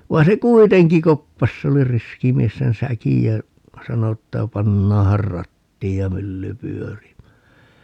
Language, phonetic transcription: Finnish, 'vai̮n se "kuiteŋki 'koppas se oli 'riski 'mies sen "säkij jä , 'sano että » "pannaahar 'rattiij ja "mylly 'pyörimää » .
- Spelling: vaan se kuitenkin koppasi se oli riski mies sen säkin ja sanoi että pannaanhan rattiin ja mylly pyörimään

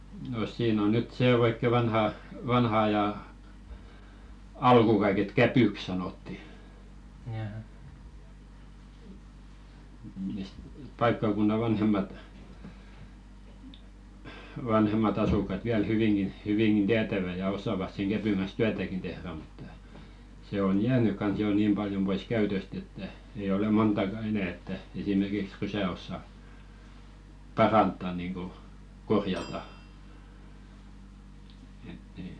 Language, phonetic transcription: Finnish, no 'siin ‿on nyt 'sè 'oikke "vanha , 'vanha ajà , "alkù kaiket "käpỳk sanòtti , misᵗ 'paikkàkunna "vanhemmat , vanhem̀at asuk̆kat 'viäl "hyviŋɢin , hyviŋɢin "tiätävä ja 'os̆sàvas seŋ 'ɢäpyŋ ɢan̬s "tyätäkin tehrä mutta , 'se on "jääny kans 'jò "niim ʙaljom ʙois 'käytöst ‿että , ei ole "montàka 'enä̀ että , esimerkiks 'rysä ossa , "parantta niŋɢu , 'korjata , ett ‿ei ,.
- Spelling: no siinä on nyt se oikein vanha vanhan ajan alku kaiket kävyksi sanottiin mistä paikkakunnan vanhemmat vanhemmat asukkaat vielä hyvinkin hyvinkin tietävät ja osaavat sen kävyn kanssa työtäkin tehdä mutta se on jäänyt kanssa jo niin paljon pois käytöstä että ei ole montakaan enää että esimerkiksi rysää osaa parantaa niin kuin korjata että ei

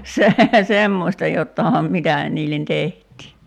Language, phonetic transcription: Finnish, se- , "semmòśta 'jottàĭham 'mitä , niillen 'teht̀ii .
- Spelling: - semmoista jotakinhan mitä niille tehtiin

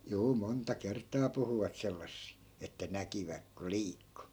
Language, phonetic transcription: Finnish, 'juu monta "kert̆taa puhuvat 'sellassi , että 'näkiväk ko "liikku .
- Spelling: juu monta kertaa puhuivat sellaisia että näkivät kun liikkui

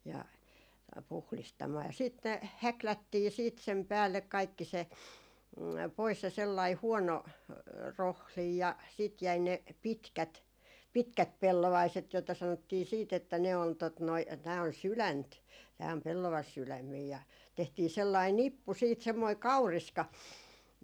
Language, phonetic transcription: Finnish, ja , puhlistamaa ja 'siit ne , "häklättii siit sem 'päällek kaikki se , pois se sellai 'huɔno , "rohlij ja , sìt jäi ne , "pitkät , 'pitkät 'pellovaiset , joita sanottii 'siit ‿että ne on , tot noi , 'tää on "sylänt , tää om 'pellavasylämmii ja , ja 'tehtii 'sellai "nippu siit , 'semmoi "kauriska .
- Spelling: ja puhdistamaan ja sitten ne häklättiin sitten sen päälle kaikki se pois se sellainen huono rohdin ja sitten jäi ne pitkät pitkät pellovaiset joita sanottiin sitten että ne on tuota noin tämä on sydäntä tämä on pellavasydämiä ja ja tehtiin sellainen nippu sitten semmoinen kauriska

